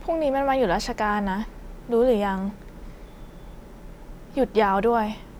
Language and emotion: Thai, frustrated